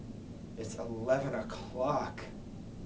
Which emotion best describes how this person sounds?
disgusted